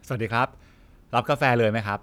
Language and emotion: Thai, neutral